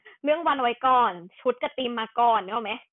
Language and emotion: Thai, happy